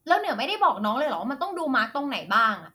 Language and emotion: Thai, angry